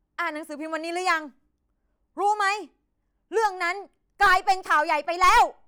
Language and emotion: Thai, angry